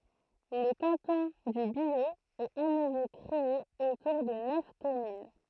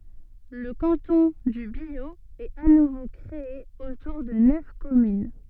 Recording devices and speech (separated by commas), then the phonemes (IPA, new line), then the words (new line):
throat microphone, soft in-ear microphone, read sentence
lə kɑ̃tɔ̃ dy bjo ɛt a nuvo kʁee otuʁ də nœf kɔmyn
Le canton du Biot est à nouveau créé autour de neuf communes.